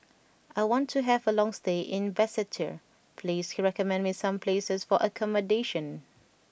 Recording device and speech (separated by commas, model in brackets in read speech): boundary microphone (BM630), read sentence